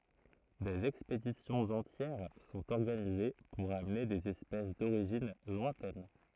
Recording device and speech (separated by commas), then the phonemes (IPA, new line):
throat microphone, read sentence
dez ɛkspedisjɔ̃z ɑ̃tjɛʁ sɔ̃t ɔʁɡanize puʁ amne dez ɛspɛs doʁiʒin lwɛ̃tɛn